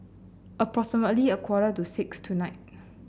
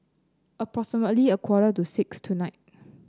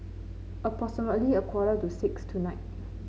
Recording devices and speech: boundary microphone (BM630), close-talking microphone (WH30), mobile phone (Samsung C9), read sentence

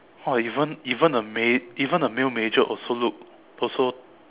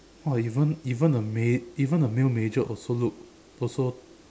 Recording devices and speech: telephone, standing microphone, conversation in separate rooms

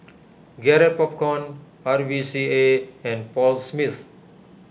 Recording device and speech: boundary microphone (BM630), read sentence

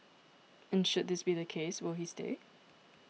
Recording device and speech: mobile phone (iPhone 6), read sentence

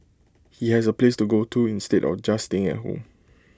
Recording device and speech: close-talking microphone (WH20), read sentence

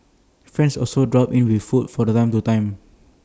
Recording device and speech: standing microphone (AKG C214), read sentence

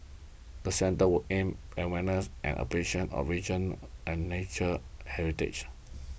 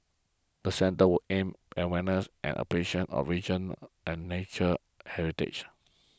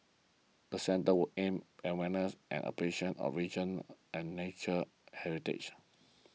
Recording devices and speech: boundary microphone (BM630), close-talking microphone (WH20), mobile phone (iPhone 6), read sentence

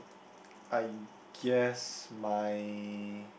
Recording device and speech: boundary microphone, conversation in the same room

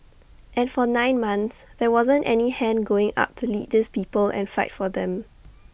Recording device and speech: boundary microphone (BM630), read sentence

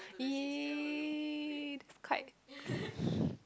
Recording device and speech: close-talking microphone, conversation in the same room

